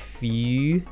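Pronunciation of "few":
In 'few', the vowel is a rounded version of the ee sound in 'feel'. It is a dialect pronunciation, not the one used in standard English.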